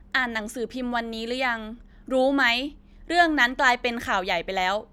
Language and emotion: Thai, frustrated